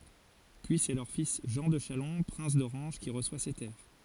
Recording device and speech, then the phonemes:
forehead accelerometer, read sentence
pyi sɛ lœʁ fis ʒɑ̃ də ʃalɔ̃ pʁɛ̃s doʁɑ̃ʒ ki ʁəswa se tɛʁ

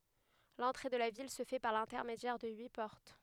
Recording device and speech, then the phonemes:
headset microphone, read sentence
lɑ̃tʁe də la vil sə fɛ paʁ lɛ̃tɛʁmedjɛʁ də yi pɔʁt

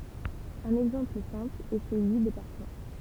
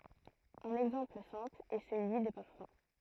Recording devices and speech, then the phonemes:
temple vibration pickup, throat microphone, read sentence
œ̃n ɛɡzɑ̃pl sɛ̃pl ɛ səlyi de paʁfœ̃

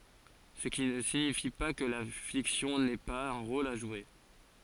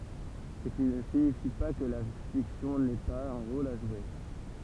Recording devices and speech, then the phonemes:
forehead accelerometer, temple vibration pickup, read sentence
sə ki nə siɲifi pa kə la fiksjɔ̃ nɛ paz œ̃ ʁol a ʒwe

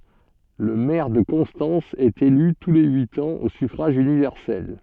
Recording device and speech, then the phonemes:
soft in-ear microphone, read sentence
lə mɛʁ də kɔ̃stɑ̃s ɛt ely tu le yit ɑ̃z o syfʁaʒ ynivɛʁsɛl

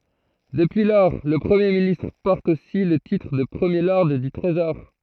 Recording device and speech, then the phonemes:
throat microphone, read sentence
dəpyi lɔʁ lə pʁəmje ministʁ pɔʁt osi lə titʁ də pʁəmje lɔʁd dy tʁezɔʁ

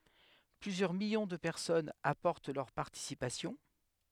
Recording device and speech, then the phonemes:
headset microphone, read sentence
plyzjœʁ miljɔ̃ də pɛʁsɔnz apɔʁt lœʁ paʁtisipasjɔ̃

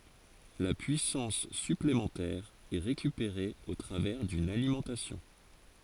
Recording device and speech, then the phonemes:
forehead accelerometer, read sentence
la pyisɑ̃s syplemɑ̃tɛʁ ɛ ʁekypeʁe o tʁavɛʁ dyn alimɑ̃tasjɔ̃

